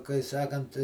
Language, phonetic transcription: Lithuanian, kai ˈsakant

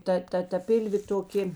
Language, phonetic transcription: Lithuanian, ˈta ˈta ta ˈpilvė toˈkė

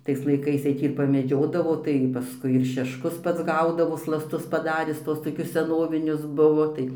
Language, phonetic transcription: Lithuanian, ˈtais laiˈkais tai ˈtį ir pameˈdžiodavo tai paˈskui ir šešˈkus ˈpats ˈgaudavo slasˈtus paˈdaris ˈtuos toˈkius seˈnovinius ˈbuvo tai

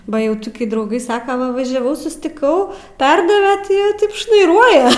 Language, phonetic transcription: Lithuanian, ˈba ˈjau toˈki drauˈgai ˈsaka ˈva važiaˈvau sustiˈkau ˈperdave ti ˈjie ˈtaip šnaiˈruoja

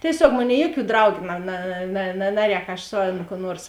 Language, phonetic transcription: Lithuanian, tieˈsiog ˈmoˌnėi ˈjuoˌkių ˈdraugiu na na na ˈnaˌrēk aš ˈsu ˌan kų ˈnuors

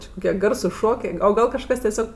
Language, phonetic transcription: Lithuanian, či kuˈkie ˈgarsus ˈšokė o ˈgal kažˈkas tieˈsiog

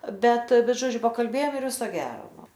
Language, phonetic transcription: Lithuanian, ˈbet ˈbet ˈžodžiu pakalˈbėjom ir ˈviso ˈgero ˈnu

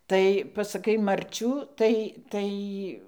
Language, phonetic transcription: Lithuanian, ˈtai pasaˈkai marˈčių ˈtai ˈtai

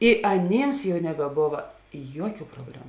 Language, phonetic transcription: Lithuanian, i aˈnėms jau nebeˈbova ˈjuoˌkių probˈlemu

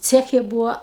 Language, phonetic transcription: Lithuanian, ˈceche ˈbūa

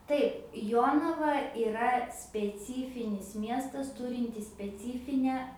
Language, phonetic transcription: Lithuanian, ˈtaip ˈjonava yˈra speˈcyfinis ˈmiestas ˈturintis speˈcyfinę

